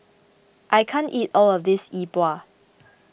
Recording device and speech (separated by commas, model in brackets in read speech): boundary microphone (BM630), read sentence